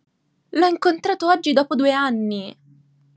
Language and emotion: Italian, surprised